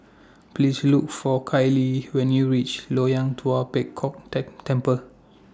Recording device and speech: standing microphone (AKG C214), read sentence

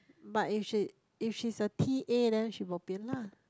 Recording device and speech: close-talking microphone, conversation in the same room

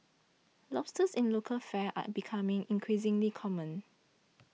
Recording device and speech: mobile phone (iPhone 6), read sentence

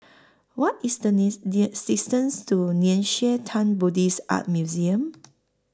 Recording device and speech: close-talking microphone (WH20), read sentence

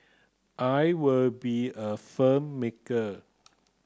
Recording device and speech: close-talking microphone (WH30), read sentence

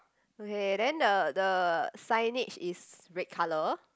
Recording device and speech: close-talking microphone, conversation in the same room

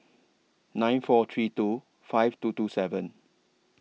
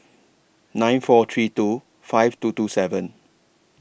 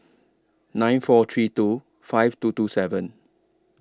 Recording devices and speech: mobile phone (iPhone 6), boundary microphone (BM630), standing microphone (AKG C214), read sentence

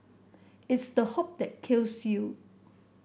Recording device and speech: boundary microphone (BM630), read sentence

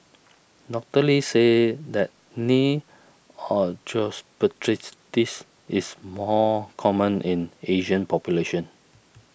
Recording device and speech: boundary microphone (BM630), read sentence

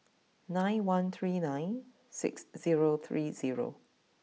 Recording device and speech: mobile phone (iPhone 6), read sentence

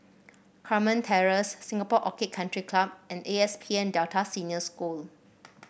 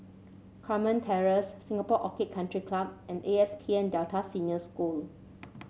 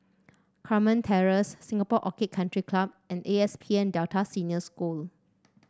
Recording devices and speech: boundary microphone (BM630), mobile phone (Samsung C7), standing microphone (AKG C214), read sentence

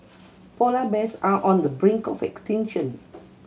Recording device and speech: mobile phone (Samsung C7100), read sentence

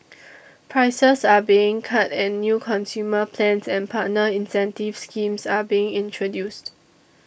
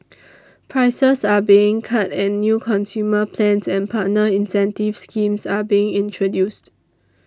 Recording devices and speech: boundary microphone (BM630), standing microphone (AKG C214), read sentence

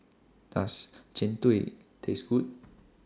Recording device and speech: standing microphone (AKG C214), read sentence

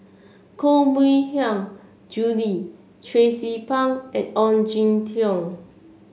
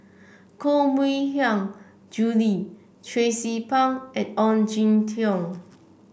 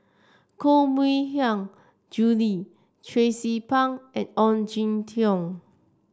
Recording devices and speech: mobile phone (Samsung C7), boundary microphone (BM630), standing microphone (AKG C214), read sentence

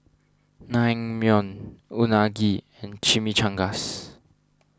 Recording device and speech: standing microphone (AKG C214), read sentence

